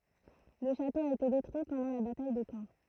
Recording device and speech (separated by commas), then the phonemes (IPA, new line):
throat microphone, read sentence
lə ʃato a ete detʁyi pɑ̃dɑ̃ la bataj də kɑ̃